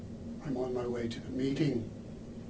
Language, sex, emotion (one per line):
English
male
neutral